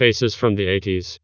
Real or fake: fake